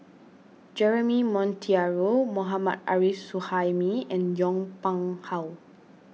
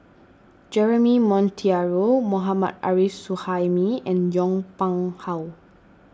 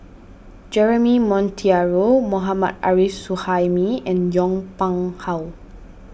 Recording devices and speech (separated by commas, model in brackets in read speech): mobile phone (iPhone 6), standing microphone (AKG C214), boundary microphone (BM630), read sentence